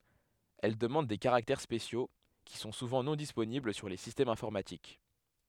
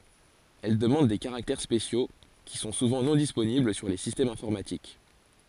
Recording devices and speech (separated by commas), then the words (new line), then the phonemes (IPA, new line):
headset microphone, forehead accelerometer, read sentence
Elle demande des caractères spéciaux, qui sont souvent non disponibles sur les systèmes informatiques.
ɛl dəmɑ̃d de kaʁaktɛʁ spesjo ki sɔ̃ suvɑ̃ nɔ̃ disponibl syʁ le sistɛmz ɛ̃fɔʁmatik